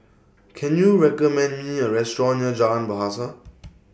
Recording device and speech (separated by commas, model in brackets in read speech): boundary microphone (BM630), read sentence